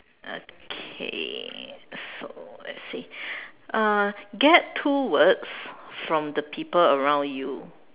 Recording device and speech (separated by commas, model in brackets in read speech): telephone, conversation in separate rooms